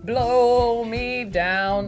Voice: singsong voice